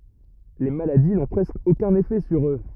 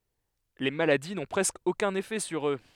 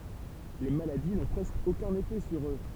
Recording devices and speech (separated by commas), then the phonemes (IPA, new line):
rigid in-ear microphone, headset microphone, temple vibration pickup, read sentence
le maladi nɔ̃ pʁɛskə okœ̃n efɛ syʁ ø